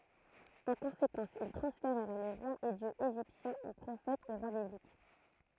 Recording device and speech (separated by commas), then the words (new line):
throat microphone, read sentence
En conséquence, ils transférèrent les rois et dieux égyptiens en prophètes et rois bibliques.